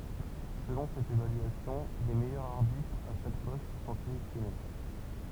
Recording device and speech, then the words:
temple vibration pickup, read sentence
Selon cette évaluation, les meilleurs arbitres à chaque poste sont sélectionnés.

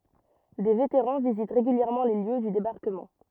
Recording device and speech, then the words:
rigid in-ear microphone, read sentence
Des vétérans visitent régulièrement les lieux du débarquement.

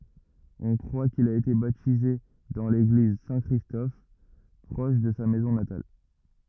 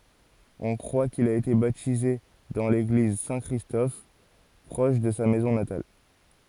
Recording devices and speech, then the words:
rigid in-ear microphone, forehead accelerometer, read sentence
On croit qu'il a été baptisé dans l'église Saint-Christophe proche de sa maison natale.

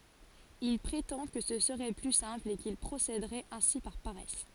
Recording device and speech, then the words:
forehead accelerometer, read sentence
Il prétend que ce serait plus simple et qu'il procéderait ainsi par paresse.

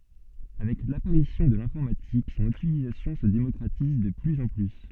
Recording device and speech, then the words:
soft in-ear microphone, read sentence
Avec l'apparition de l'informatique, son utilisation se démocratise de plus en plus.

